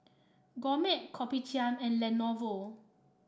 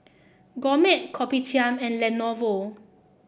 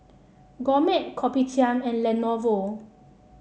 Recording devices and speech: standing microphone (AKG C214), boundary microphone (BM630), mobile phone (Samsung C7), read sentence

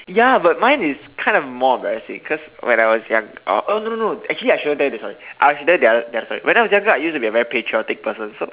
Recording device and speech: telephone, conversation in separate rooms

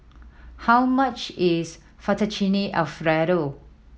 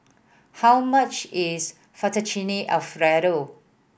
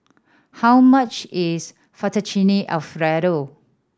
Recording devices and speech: mobile phone (iPhone 7), boundary microphone (BM630), standing microphone (AKG C214), read sentence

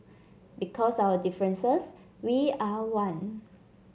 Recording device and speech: mobile phone (Samsung C7), read sentence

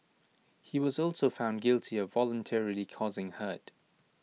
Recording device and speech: mobile phone (iPhone 6), read sentence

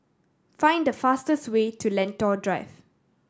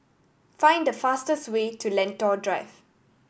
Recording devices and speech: standing microphone (AKG C214), boundary microphone (BM630), read sentence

